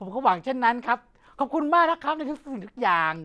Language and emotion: Thai, happy